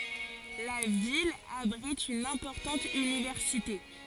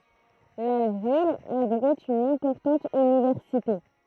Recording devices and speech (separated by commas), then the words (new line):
forehead accelerometer, throat microphone, read sentence
La ville abrite une importante université.